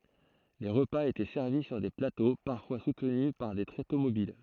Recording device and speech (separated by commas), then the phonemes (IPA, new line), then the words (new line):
throat microphone, read sentence
le ʁəpaz etɛ sɛʁvi syʁ de plato paʁfwa sutny paʁ de tʁeto mobil
Les repas étaient servis sur des plateaux, parfois soutenus par des tréteaux mobiles.